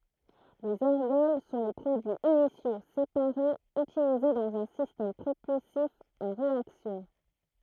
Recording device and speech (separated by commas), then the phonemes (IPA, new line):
throat microphone, read sentence
lez ɛʁɡɔl sɔ̃ le pʁodyiz inisjo sepaʁez ytilize dɑ̃z œ̃ sistɛm pʁopylsif a ʁeaksjɔ̃